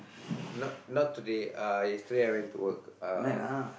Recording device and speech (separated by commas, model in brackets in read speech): boundary microphone, conversation in the same room